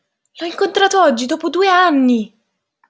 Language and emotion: Italian, surprised